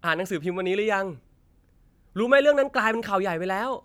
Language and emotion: Thai, happy